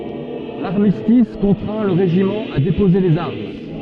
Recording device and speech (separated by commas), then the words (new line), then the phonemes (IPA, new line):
soft in-ear microphone, read sentence
L'armistice contraint le régiment à déposer les armes.
laʁmistis kɔ̃tʁɛ̃ lə ʁeʒimɑ̃ a depoze lez aʁm